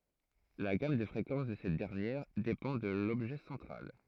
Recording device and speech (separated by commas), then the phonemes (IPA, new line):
throat microphone, read sentence
la ɡam də fʁekɑ̃s də sɛt dɛʁnjɛʁ depɑ̃ də lɔbʒɛ sɑ̃tʁal